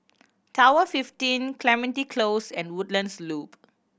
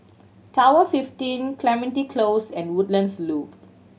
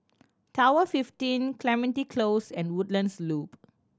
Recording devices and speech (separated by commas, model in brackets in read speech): boundary microphone (BM630), mobile phone (Samsung C7100), standing microphone (AKG C214), read sentence